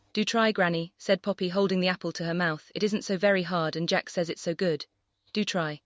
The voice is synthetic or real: synthetic